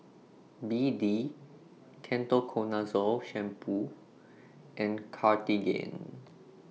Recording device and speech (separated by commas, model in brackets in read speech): mobile phone (iPhone 6), read sentence